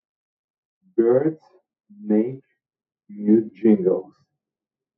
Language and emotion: English, disgusted